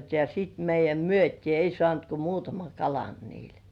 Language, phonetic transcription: Finnish, ja sit meij̆jäm "myöt́ii ei sŏànt ko "muutamaŋ 'kalan niil .
- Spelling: ja sitten meidän myytiin ei saanut kuin muutaman kalan niillä

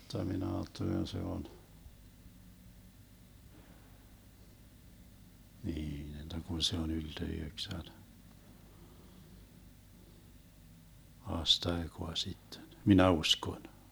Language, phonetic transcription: Finnish, (jotta) mi'n ‿aattelen se on , niin (jotta) kun se on 'ylte 'yheksän , 'aastaekoa 'sitten , "minä 'uśkon .
- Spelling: jotta minä ajattelen se on niin jotta kun se on ylte yhdeksän aastaikaa sitten minä uskon

